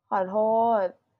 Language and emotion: Thai, sad